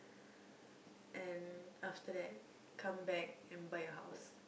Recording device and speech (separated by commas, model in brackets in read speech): boundary microphone, conversation in the same room